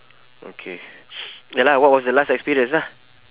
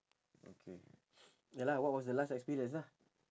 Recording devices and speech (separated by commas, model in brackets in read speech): telephone, standing microphone, conversation in separate rooms